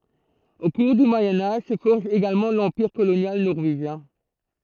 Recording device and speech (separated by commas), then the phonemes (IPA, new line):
throat microphone, read sentence
o kuʁ dy mwajɛ̃ aʒ sə fɔʁʒ eɡalmɑ̃ lɑ̃piʁ kolonjal nɔʁveʒjɛ̃